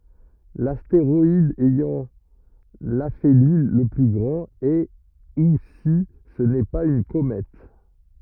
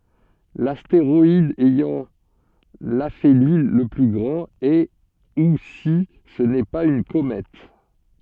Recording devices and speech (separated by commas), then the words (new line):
rigid in-ear microphone, soft in-ear microphone, read sentence
L’astéroïde ayant l’aphélie le plus grand, est ou si ce n'est pas une comète.